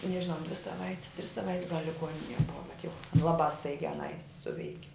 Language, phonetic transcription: Lithuanian, nežiˈnau dvi saˈvait's tris saˈvait's gal' liˈguoninie ˈbuva bet jau ˈlabā ˈstaigiā aˈnai ˈsuveiki

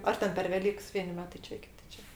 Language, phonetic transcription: Lithuanian, ˈar ten per veˈlyks ˈvieni ˈmetai ˈčia ˈkiti ˈčia

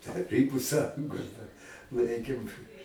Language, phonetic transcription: Lithuanian, taˈrybu ˈsąjungos dar ˈlaikėm

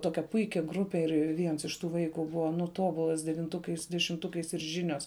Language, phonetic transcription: Lithuanian, ˈtokia ˈpuikia ˈgrupe ir ˈviens iš ˈtų ˈvaiku ˈbuva nu ˈtobulas devinˈtukais dešimˈtukais ir ˈžinios

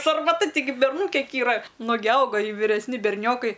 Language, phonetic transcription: Lithuanian, sarmaˈta tiˈgi berˈnų ˈkiek yˈra ˈnugi ˈauga i viresˈni berˈniokai

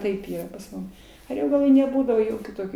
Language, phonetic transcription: Lithuanian, ˈtaip ˈyra pas ˈmum aˈriogaloj neˈbūdavo ˈjokių ˈtokių

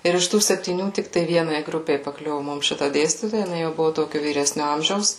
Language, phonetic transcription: Lithuanian, ˈir iš ˈtų septyˈnių ˈtik tai ˈvienai ˈgrupei paˈkliuvu ˈmum ˈšita ˈdėstytoja jiˈnai jau ˈbuvu ˈtokiu vyˈresniu ˈamžiaus

